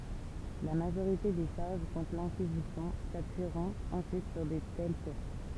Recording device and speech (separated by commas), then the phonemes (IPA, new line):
temple vibration pickup, read sentence
la maʒoʁite de ʃaʁʒ kɔ̃tʁ lɛ̃kizisjɔ̃ sapyiʁɔ̃t ɑ̃syit syʁ də tɛl suʁs